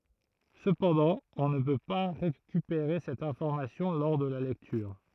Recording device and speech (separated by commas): throat microphone, read sentence